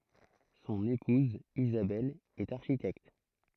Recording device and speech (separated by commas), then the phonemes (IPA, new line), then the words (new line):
throat microphone, read sentence
sɔ̃n epuz izabɛl ɛt aʁʃitɛkt
Son épouse Isabelle est architecte.